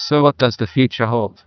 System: TTS, neural waveform model